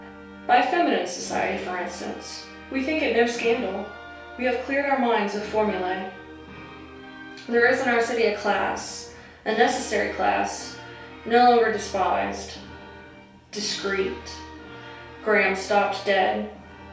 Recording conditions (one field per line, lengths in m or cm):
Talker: one person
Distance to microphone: 3.0 m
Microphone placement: far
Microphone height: 1.8 m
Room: small (3.7 m by 2.7 m)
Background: music